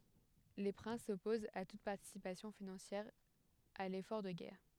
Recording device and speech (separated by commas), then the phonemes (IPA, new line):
headset microphone, read sentence
le pʁɛ̃s sɔpozt a tut paʁtisipasjɔ̃ finɑ̃sjɛʁ a lefɔʁ də ɡɛʁ